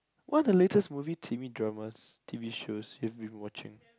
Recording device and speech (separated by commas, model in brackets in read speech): close-talking microphone, conversation in the same room